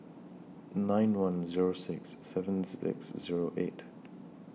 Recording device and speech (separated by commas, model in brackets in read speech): mobile phone (iPhone 6), read sentence